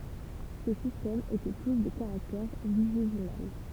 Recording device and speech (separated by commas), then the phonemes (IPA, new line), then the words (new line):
temple vibration pickup, read sentence
se sistɛmz etɛ tus də kaʁaktɛʁ viʒezimal
Ces systèmes étaient tous de caractère vigésimal.